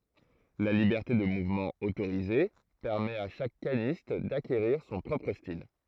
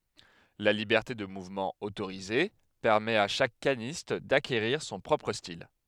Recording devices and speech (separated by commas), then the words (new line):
throat microphone, headset microphone, read sentence
La liberté de mouvement autorisée permet à chaque canniste d'acquérir son propre style.